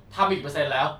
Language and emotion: Thai, angry